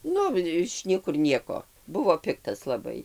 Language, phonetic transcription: Lithuanian, ˈnu iš ˈniekur ˈnieko ˈbuvo ˈpiktas laˈbai

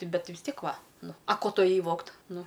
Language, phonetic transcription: Lithuanian, ˈti ˈbet vis ˈtiek ˈva ˈnu a ˈko ˈtu ėˈjai ˈvogt ˈnu

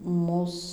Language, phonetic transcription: Lithuanian, ˈmūs

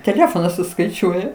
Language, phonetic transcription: Lithuanian, teˈlefonas suskaiˈčiuoja

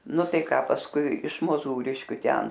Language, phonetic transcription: Lithuanian, ˈnu ˈtai ˈką pasˈkui iš moˈzūriškiu ˈten

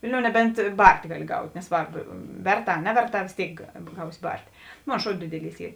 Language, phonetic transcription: Lithuanian, ˈvilˌniou neˈbent ˈbart' ˈgaˌli ˈgaut' neˈsvarb ˈverˌtā a ˈneverˌtā vės ˈtėik ˈgausi ˈbartė ˈmon ˈšou ˈdidiˌlys ˈy

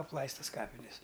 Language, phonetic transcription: Lithuanian, apˈlaistas ˈkapines

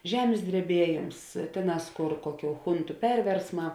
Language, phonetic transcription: Lithuanian, ˈžemės dreˈbieˌjėms ˈtėˌnās ˈkor ˈkoˌkių ˈchuntu ˈperversˌmā

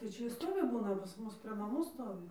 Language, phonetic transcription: Lithuanian, tai ˈčia i ˈstovi ˈbūna pas ˈmus prė naˈmų ˈstovi

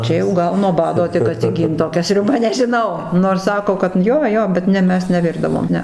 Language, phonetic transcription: Lithuanian, ˈčia jau ˈgal nuo ˈbado tik atsiˈgynt toˈkia sriuˈba nežiˈnau nors ˈsako kad ˈjo ˈjo bet ˈne ˈmes neˈvirdavom ˈne

